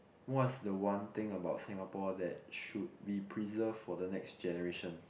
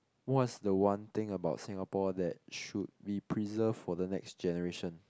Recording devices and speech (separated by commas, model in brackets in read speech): boundary microphone, close-talking microphone, conversation in the same room